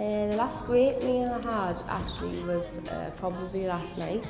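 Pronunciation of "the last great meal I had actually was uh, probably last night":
The sentence is spoken in a Newcastle accent.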